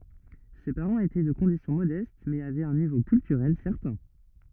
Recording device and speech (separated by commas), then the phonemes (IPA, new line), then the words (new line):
rigid in-ear microphone, read sentence
se paʁɑ̃z etɛ də kɔ̃disjɔ̃ modɛst mɛz avɛt œ̃ nivo kyltyʁɛl sɛʁtɛ̃
Ses parents étaient de condition modeste mais avaient un niveau culturel certain.